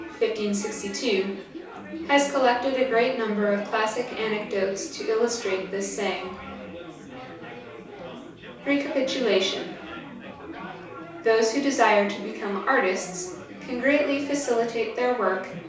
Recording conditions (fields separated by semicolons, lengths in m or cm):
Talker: one person; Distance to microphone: 3.0 m; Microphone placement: far; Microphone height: 1.8 m; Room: small (3.7 m by 2.7 m); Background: babble